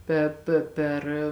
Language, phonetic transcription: Lithuanian, ˈpe pė ˈper

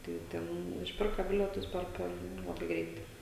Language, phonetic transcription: Lithuanian, ˈtai ˈten išˈpirka ˈbilietus ˈper ˈper ˈlabai ˈgreitai

